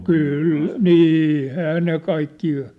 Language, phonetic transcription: Finnish, kŷl , "nî [eivät]hää ne 'kaikkii ,.
- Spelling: kyllä niin eiväthän ne kaikki

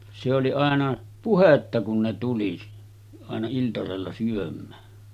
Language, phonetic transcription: Finnish, se oli 'àena , 'puhetta kun ne 'tuli , àena iltasella syöm̆mää .
- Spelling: se oli aina puhetta kun ne tuli aina iltasella syömään

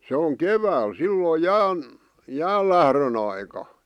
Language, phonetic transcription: Finnish, se o"ŋ ‿kevääl 'silloi "jään , "jäällährön ‿aika .
- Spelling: se on keväällä silloin jään jäänlähdön aikaan

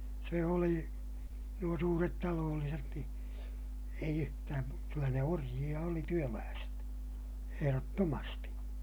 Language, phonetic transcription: Finnish, se oli , nuo suuret taloolliset ni , eij ‿yhtääm mu- , kyllä ne orjiʲa oli työlääset , eherottomasti .
- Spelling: se oli nuo suuret talolliset niin ei yhtään - kyllä ne orjia oli työläiset ehdottomasti

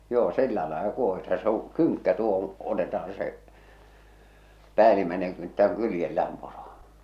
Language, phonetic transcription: Finnish, joo "sillä làela 'kuohita se ‿oŋ "kyŋkkä tuo ‿(ku)ŋ , 'otetahᴀɴ se , 'päälimäeneŋ 'kynttä ᵏᵘ 'kyljellääm poro .
- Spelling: joo sillä lailla kuohitaan se on kynkkä tuo kun otetaan se päällimmäinen kynttä kun kyljellään poro

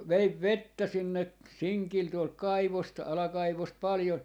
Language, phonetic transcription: Finnish, ja 'veiv "vettä 'sinne , "siŋkil tuolt "kaivost 'alakaivost 'paljon .
- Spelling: ja vein vettä sinne sinkillä tuolta kaivosta alakaivosta paljon

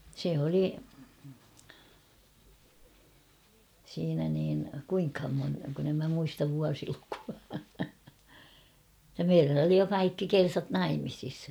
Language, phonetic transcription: Finnish, se oli , siinä niin , 'kuiŋkham mon- kun ‿em mä muistav 'vuasilukua , [et]tä 'meirän ‿oli jo 'kaikki "kersat "naimisis .
- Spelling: se oli siinä niin kuinkahan - kun en minä muista vuosilukua että meidän oli jo kaikki kersat naimisissa

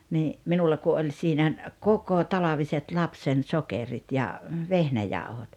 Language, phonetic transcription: Finnish, nii , 'minulla ku ’oĺ siinä , "kokotalaviset 'lapsen 'sokerit ja , "vehnäjàuhot .
- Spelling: niin minulla kun oli siinä kokotalviset lapsen sokerit ja vehnäjauhot

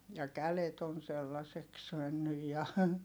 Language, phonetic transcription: Finnish, ja kälet ‿on̬ sellaseks mennyj ja ,.
- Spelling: ja kädet on sellaiseksi mennyt ja

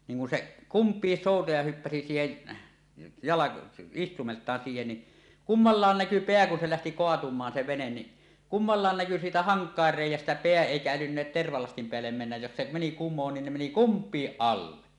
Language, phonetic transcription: Finnish, niiŋ kun 'seˀ , "kumpiis 'sòutaja hyppäsi 'siihen , jalako- , 'istumelt̀aan siihen ni , "kummallaan 'näky "peä kun se lähti 'koatum̀aan se venen ni , "kummallàen 'näky siitä "haŋk̀àer 'rèij̆jästä 'peä èikä älynneet tervalastim peällem mennäj jos se 'meni "kummoon niin ne meni "kump̀iiˀ 'ˀalle .
- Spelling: niin kun se kumpikin soutaja hyppäsi siihen - istuimeltaan siihen niin kummallakin näkyi pää kun se lähti kaatumaan se vene niin kummallakin näkyi siitä hankaimien reiästä pää eikä älynneet tervalastin päälle mennä jos se meni kumoon niin ne meni kumpikin alle

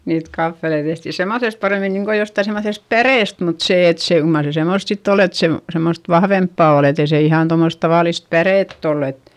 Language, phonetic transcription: Finnish, niit kaffelei tehti semmoϑest parèmin niŋko jostai semmoϑest pärèst mut sè et se , kyl mar se semòst sitt ‿ol ‿et se , semmost vahvemppà ol ‿etei se ihan tommos tavàlist pärètt ‿oll ‿et ,.
- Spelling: niitä kahveleita tehtiin semmoisesta paremmin niin kuin jostakin semmoisesta päreestä mutta se että se kyllä mar se semmoista sitten oli että se semmoista vahvempaa oli että ei se ihan tuommoista tavallista pärettä ollut et

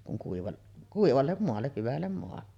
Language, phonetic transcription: Finnish, kuŋ kuival- , "kuivallem moalle , 'hyvällem moalle .
- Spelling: kun - kuivalle maalle hyvälle maalle

